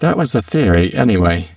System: VC, spectral filtering